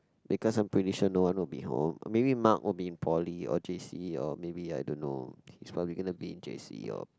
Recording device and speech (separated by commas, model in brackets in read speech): close-talking microphone, conversation in the same room